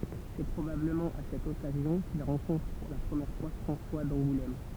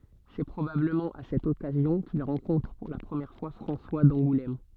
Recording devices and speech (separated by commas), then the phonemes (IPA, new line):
temple vibration pickup, soft in-ear microphone, read sentence
sɛ pʁobabləmɑ̃ a sɛt ɔkazjɔ̃ kil ʁɑ̃kɔ̃tʁ puʁ la pʁəmjɛʁ fwa fʁɑ̃swa dɑ̃ɡulɛm